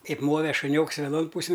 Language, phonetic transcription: Lithuanian, ˈkaip ˈmove šuˈnioks veˈnon ˈpūsin

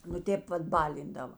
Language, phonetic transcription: Lithuanian, nu ˈtėp ˈvat ˈbalindava

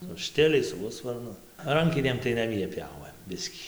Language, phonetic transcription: Lithuanian, su ˈštiliais su ˈhusvarnu ˈrankinėm tai naˈmie ˈpjovɘm ˈbiskį

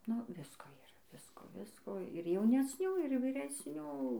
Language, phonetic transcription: Lithuanian, nu ˈvisko yˈra ˈvisko ˈvisko ir jaunesˈnių ir vyresˈnių

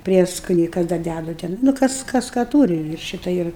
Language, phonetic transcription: Lithuanian, ˈprieskoniai ˈkas dar ˈdædu ˈten nu ˈkas ˈkas ka ˈtūri ir ˈšita ˈir

